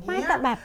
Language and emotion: Thai, frustrated